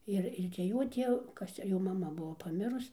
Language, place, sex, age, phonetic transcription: Lithuanian, Dzūkija, female, 60+, ˈir ir cia ˈjo ˈtiev ˈkas cia ˈjo maˈma ˈbuo paˈmirus

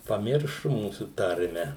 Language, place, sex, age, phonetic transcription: Lithuanian, Suvalkija, male, 60+, paˈmiršu ˈmūsų ˈtarme

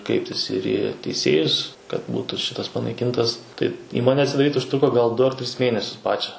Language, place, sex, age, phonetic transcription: Lithuanian, Suvalkija, male, 18-60, ˈkreiptis ir į teiˈsėjus kad ˈbūtu ˈšitas panaiˈkintas tai ˈįmone atsidaˈryt užˈtruko gal ˈdu ar ˈtris ˈmėnesius ˈpačia

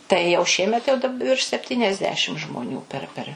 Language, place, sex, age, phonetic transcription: Lithuanian, Suvalkija, female, 60+, tai jau ˈšiemet jau dab virš sepˌtyniasˈdešim žmoˈnių per ˈper

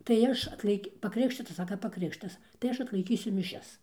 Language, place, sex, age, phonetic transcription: Lithuanian, Dzūkija, female, 60+, tai ˈaš atlaiˈki pakriˈkštitas ˈsaka paˈkrikštitas tai ˈaš atlaiˈkysiu miˈšias

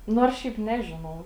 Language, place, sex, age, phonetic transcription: Lithuanian, Žemaitija, female, 18-60, ˈnors ˈšiaip ˈnežinau

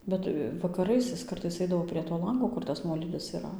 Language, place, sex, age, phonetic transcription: Lithuanian, Dzūkija, female, 18-60, ˈbet vakaˈrais is ˈkartais ˈaidavo prie to ˈlango ˈkur tas ˈnuolydis yˈra

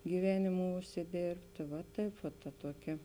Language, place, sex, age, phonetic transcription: Lithuanian, Žemaitija, female, 18-60, gyˈvenimu užsiˈdėrbtė va ˈtaip vat ta ˈtuoˌkia

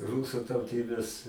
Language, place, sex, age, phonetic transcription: Lithuanian, Aukštaitija, male, 60+, ˈrūsu tauˈtybės

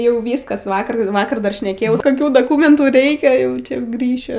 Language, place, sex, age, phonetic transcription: Lithuanian, Aukštaitija, female, 18-60, ˈjau ˈvyskas ˈvakar ˈvakar dar šneˈkėjau koˈkių doˈkumentų ˈreikia ˈjau čia ˈgrįšiu

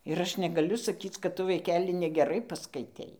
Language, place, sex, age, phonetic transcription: Lithuanian, Dzūkija, female, 60+, ir ˈaš negaˈliu saˈkyc kad ˈtu vaiˈkeli negeˈrai paskaiˈtei

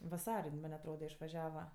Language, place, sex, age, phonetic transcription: Lithuanian, Aukštaitija, female, 18-60, vaˈsar' ˈjin ˈman' atˈroda išvaˈžiava

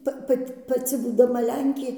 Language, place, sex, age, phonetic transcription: Lithuanian, Dzūkija, female, 60+, ˈpa ˈpat' paˈci būdaˈma ˈlenkė

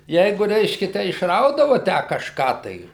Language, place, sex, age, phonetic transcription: Lithuanian, Suvalkija, male, 60+, ˈjeiguˈ reiškia ˈtę išˈraudavu ˈtę kažˈką tai

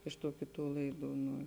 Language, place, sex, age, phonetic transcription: Lithuanian, Žemaitija, female, 18-60, iš tų ˈkiˌtų ˈlaiˌdų nu

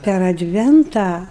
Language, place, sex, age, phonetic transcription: Lithuanian, Aukštaitija, female, 60+, per adˈventą

